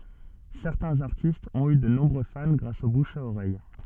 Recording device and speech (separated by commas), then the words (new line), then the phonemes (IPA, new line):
soft in-ear microphone, read sentence
Certains artistes ont eu de nombreux fans grâce au bouche à oreille.
sɛʁtɛ̃z aʁtistz ɔ̃t y də nɔ̃bʁø fan ɡʁas o buʃ a oʁɛj